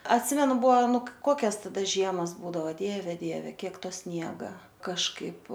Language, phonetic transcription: Lithuanian, atˈsimenu ˈbuo ˈnu ˈkokias taˈda ˈžiemas ˈbūdavo ˈdieve ˈdieve ˈkiek ˈto ˈsniega kažˈkaip

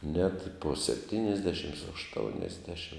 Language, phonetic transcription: Lithuanian, net po sepˈtynisdešim ašˈtouniasdešim

